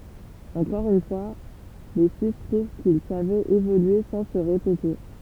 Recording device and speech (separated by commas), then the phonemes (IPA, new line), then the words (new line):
temple vibration pickup, read sentence
ɑ̃kɔʁ yn fwa le syis pʁuv kil savɛt evolye sɑ̃ sə ʁepete
Encore une fois, les suisses prouvent qu'ils savaient évoluer sans se répéter.